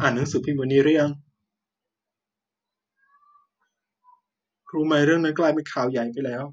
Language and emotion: Thai, sad